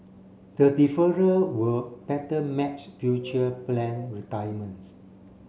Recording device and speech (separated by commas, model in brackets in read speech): mobile phone (Samsung C7), read sentence